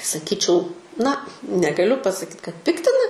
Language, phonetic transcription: Lithuanian, saˈkyčiau na negaˈliu pasaˈkyt kad ˈpiktina

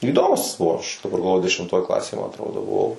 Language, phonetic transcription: Lithuanian, įˈdomus ˈaš pagalˈvoju dešimˈtoj ˈklasėj ma atˈrodo buˈvau

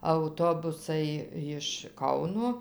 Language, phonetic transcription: Lithuanian, auˈtobusai jiš ˈkauno

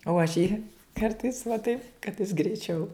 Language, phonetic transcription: Lithuanian, o aš ˈjį ˈkartais va taip kad jis greiˈčiau

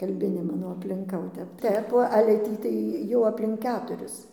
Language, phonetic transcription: Lithuanian, kalˈbinė ˈmano aplinˈka o ˈtep ˈtep o ale ˈtį tai ˈjau aplink ˈketuris

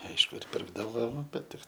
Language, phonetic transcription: Lithuanian, ˈaišku ir ˈpirkdavo ˈbet ˈtik

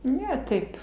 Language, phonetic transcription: Lithuanian, ˈne ˈtaip

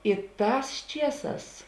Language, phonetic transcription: Lithuanian, i ˈtās ˈčieˌsās

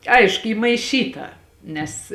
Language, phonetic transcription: Lithuanian, ˈaišku ˈy maiˈšyta ˈnes

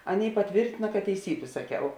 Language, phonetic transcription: Lithuanian, ˈaˌnėi paˈtvėrtina kad teiˈsybė saˈkiau

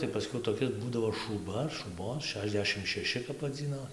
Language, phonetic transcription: Lithuanian, tai paˈskiau toˈkis ˈbūdavo šūˈba ar šūˈbon ˈšešˌdešim šeˈši kap vaˈdzyno

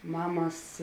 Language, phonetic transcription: Lithuanian, ˈmamas

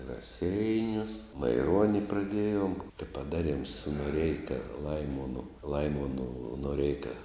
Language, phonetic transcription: Lithuanian, i raˈseinius maiˈruoni praˈdiejom tai paˈdaˌriem su noˈreika ˈlaimonu ˈlaimonu noˈreika

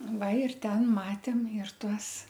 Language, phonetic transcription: Lithuanian, ˈva ir ˈten ˈmatėm ir ˈtuos

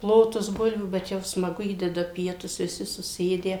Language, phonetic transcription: Lithuanian, ˈplotus ˈbulvių bet ˈjau smaˈgu ˈįdeda ˈpietus viˈsi suˈsėdę

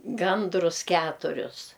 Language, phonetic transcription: Lithuanian, ˈgandrus ˈketurius

